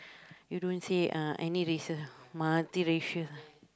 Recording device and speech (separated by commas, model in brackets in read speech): close-talking microphone, conversation in the same room